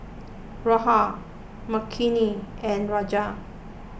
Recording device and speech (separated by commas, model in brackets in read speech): boundary microphone (BM630), read sentence